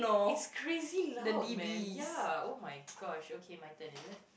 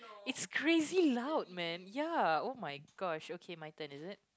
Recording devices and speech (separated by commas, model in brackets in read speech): boundary microphone, close-talking microphone, conversation in the same room